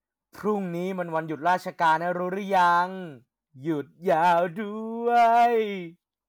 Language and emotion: Thai, happy